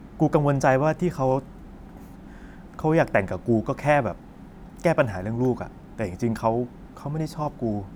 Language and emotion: Thai, frustrated